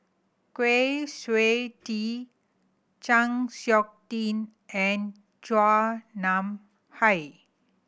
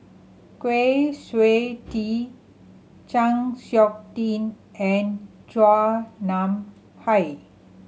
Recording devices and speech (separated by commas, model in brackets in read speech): boundary microphone (BM630), mobile phone (Samsung C7100), read sentence